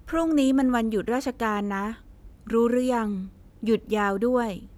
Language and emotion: Thai, neutral